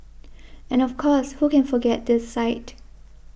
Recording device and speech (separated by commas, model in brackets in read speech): boundary microphone (BM630), read sentence